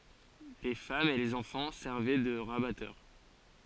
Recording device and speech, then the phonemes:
forehead accelerometer, read sentence
le famz e lez ɑ̃fɑ̃ sɛʁvɛ də ʁabatœʁ

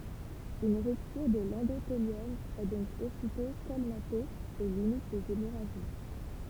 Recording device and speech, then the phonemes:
temple vibration pickup, read sentence
yn ʁyptyʁ də lɑ̃doteljɔm ɛ dɔ̃k ositɔ̃ kɔlmate e limit lez emoʁaʒi

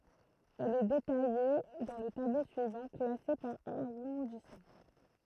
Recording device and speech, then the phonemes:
throat microphone, read sentence
ɛl ɛ detaje dɑ̃ lə tablo syivɑ̃ klase paʁ aʁɔ̃dismɑ̃

